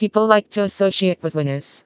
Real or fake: fake